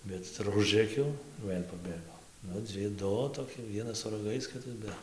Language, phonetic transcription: Lithuanian, ˈbet ir ˈužrɘkiau ˈvɘl' paˈbėgo ˈnu ˈdzi ˈdu toˈki ˈvienas su raˈgais ˈkitas ˈbe

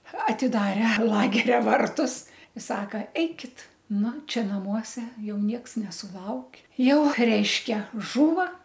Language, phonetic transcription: Lithuanian, atiˈdare lageria ˈvartus i ˈsaka ˈeikit ˈnu ˈčia naˈmuose ˈjau ˈnieks nesuˈlauk' ˈjau ˈreiškia ˈžūva

